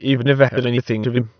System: TTS, waveform concatenation